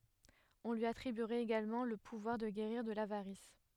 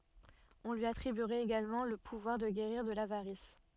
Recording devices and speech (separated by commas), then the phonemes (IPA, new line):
headset microphone, soft in-ear microphone, read sentence
ɔ̃ lyi atʁibyʁɛt eɡalmɑ̃ lə puvwaʁ də ɡeʁiʁ də lavaʁis